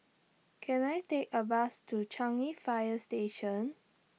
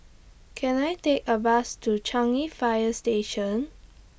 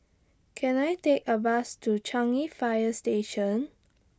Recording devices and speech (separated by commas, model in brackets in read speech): mobile phone (iPhone 6), boundary microphone (BM630), standing microphone (AKG C214), read sentence